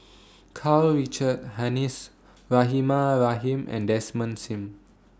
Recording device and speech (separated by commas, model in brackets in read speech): standing microphone (AKG C214), read sentence